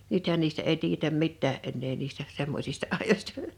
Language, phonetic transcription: Finnish, 'nythän niistä ’èi 'tiijetäm 'mittää ’ennee 'niistä , 'semmośista 'àijośta .
- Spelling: nythän niistä ei tiedetä mitään enää niistä semmoisista ajoista

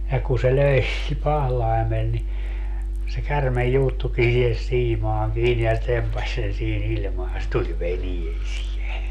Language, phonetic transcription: Finnish, ja ku se 'löi 'pahlai̮mel ni , se 'kärmej 'juuttuki sihes 'siimaaŋ kiini se 'tempaś sen sii'n ‿iĺmaan se 'tuĺ "veniesie .
- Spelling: ja kun se löi pahlaimella niin se käärme juuttuikin siihen siimaan kiinni se tempaisi sen siinä ilmaan se tuli veneeseen

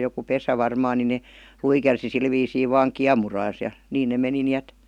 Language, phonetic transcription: Finnish, j°ku "pesä 'varmaan ni ne , 'luikersi sil viisii 'vaŋ "kiamuraas ja , 'niin ne 'meni ni "ät .
- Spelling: joku pesä varmaan niin ne luikersi sillä viisiin vain kiemurassa ja niin ne meni niin että

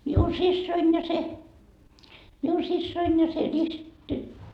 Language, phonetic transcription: Finnish, miun 'sissoin ja se , 'miun 'sissoin ja se risttyt - .
- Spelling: minun siskoni ja se minun siskoni ja se -

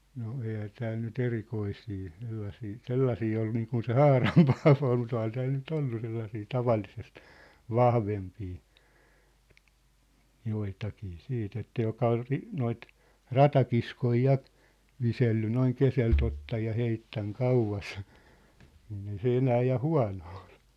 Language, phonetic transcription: Finnish, no 'eihä 'tääl ny"t ‿erikoisii , sellasii , "sellasii ol niikun se "Haaram Paavo ol mu't ‿ohan 'tääl ny't ‿ollu 'sellasii "tavallisest , "vahvempii , 'joitakii 'siit ‿että 'joka ol ri- , 'noit , "ratakiskoi 'ja , 'viselly 'noiŋ 'keselt ‿ottaj ja 'heittäŋ 'kauvas , niin ‿ei se "enää ja "hua̭no ol .
- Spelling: no eihän täällä nyt erikoisia sellaisia sellaisia ole niin kuin se Haaran Paavo oli mutta onhan täällä nyt ollut sellaisia tavallisesti vahvempia joitakin sitten että joka oli - noita ratakiskoja ja viskellyt noin keskeltä ottanut ja heittänyt kauas niin ei se enää ja huono ollut

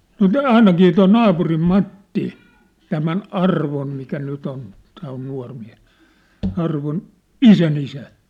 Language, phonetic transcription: Finnish, nŏ "tää ainakii toi "naapurim "Matti , 'tämän "Arvon̳ mikä 'nyt ‿on , tää on 'nua̭r miä̭(s) , Arvon , "isänisä .
- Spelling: no tämä ainakin tuo naapurin Matti tämän Arvon mikä nyt on tämä on nuori mies Arvon isänisä

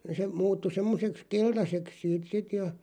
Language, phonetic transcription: Finnish, se 'muuttu 'semmoseks "keltaseks siit 'sit ja .
- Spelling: se muuttui semmoiseksi keltaiseksi siitä sitten ja

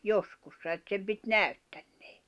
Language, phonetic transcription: Finnish, 'joskussa et sem pit "näy̬ttᴀ̈ɴɴᴇᴇ .
- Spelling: joskus että sen piti näyttäneen

